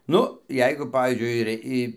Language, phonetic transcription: Lithuanian, ˈnu ˈjeigu ˈpavyzdžiui ir ˈi

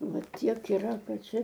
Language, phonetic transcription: Lithuanian, ˈva ˈtiek yˈra ˈkad ˈčia

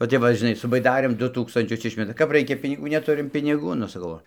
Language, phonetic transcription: Lithuanian, va ˈtep va žiˈnai su baiˈdarėm ˈdu ˈtūkstančius ˈišmeta kap ˈraikia piniˈgų neˈturim piniˈgų nu saˈkau ˈo

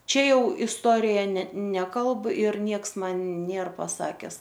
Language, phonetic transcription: Lithuanian, ˈčia ˈjau isˈtorija ne ˈnekalb ir ˈnieks ˈman ˈnėr paˈsakes

